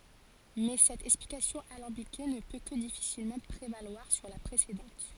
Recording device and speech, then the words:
forehead accelerometer, read sentence
Mais cette explication alambiquée ne peut que difficilement prévaloir sur la précédente.

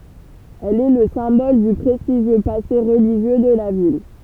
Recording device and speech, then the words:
temple vibration pickup, read sentence
Elle est le symbole du prestigieux passé religieux de la ville.

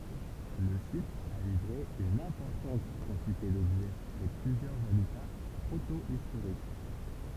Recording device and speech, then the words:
temple vibration pickup, read sentence
Le site a livré une importante quantité d'objets et plusieurs habitats protohistoriques.

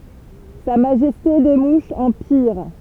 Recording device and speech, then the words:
temple vibration pickup, read sentence
Sa Majesté des Mouches en pire.

